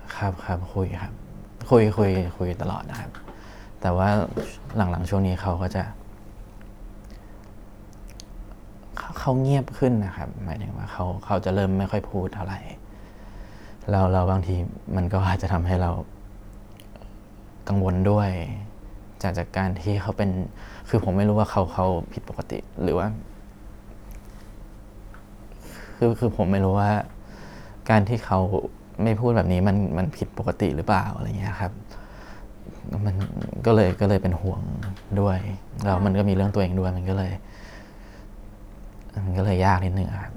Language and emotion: Thai, sad